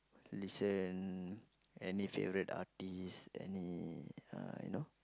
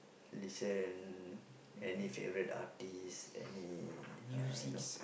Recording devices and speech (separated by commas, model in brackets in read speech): close-talking microphone, boundary microphone, conversation in the same room